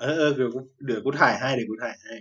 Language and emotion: Thai, neutral